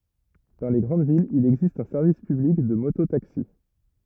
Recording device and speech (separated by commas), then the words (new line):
rigid in-ear microphone, read sentence
Dans les grandes villes, il existe un service public de moto-taxis.